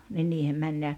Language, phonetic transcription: Finnish, ni 'niihem mäń ja ,.
- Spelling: niin niihin meni ja

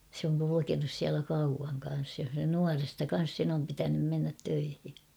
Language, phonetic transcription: Finnish, se ‿oŋ kulukenus siälä 'kauvaŋ kan̬s jo , 'nuaresta 'kan̬s sen ‿om pitänym mennät 'töihi .
- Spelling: se on kulkenut siellä kauan kanssa jo nuoresta kanssa sen on pitänyt mennä töihin

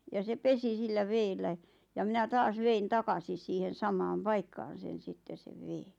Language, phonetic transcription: Finnish, ja se "pesi 'sillä 'veellä , ja minä "taas 'vein "takasis siihen 'samaam "paikkaan̬ sen̬ 'sitte sev "veeɴ .
- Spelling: ja se pesi sillä vedellä ja minä taas vein takaisin siihen samaan paikkaan sen sitten sen veden

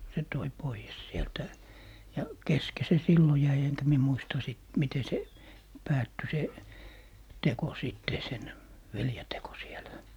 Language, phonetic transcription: Finnish, se toi 'poijes 'sieltä , ja "keske se 'sillo jäi eŋkä 'mie "muista sìt , 'mite se , 'päätty 'se , "teko 'sìtte , 'sen , 'velje 'teko sielä .
- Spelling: se toi pois sieltä ja kesken se silloin jäi enkä minä muista sitten miten se päättyi se teko sitten sen veljen teko siellä

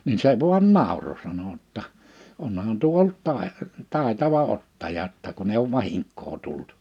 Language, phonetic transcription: Finnish, nin se 'vu̬an 'nàoro sano ‿tta , 'onhan tuo olt 'tàe- , 'tàetava 'ottaja ‿tta kun ‿eiʲ ‿ouv 'vahiŋk̆koo 'tult .
- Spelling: niin se vain nauroi sanoi jotta onhan tuo ollut - taitava ottaja jotta kun ei ole vahinkoa tullut

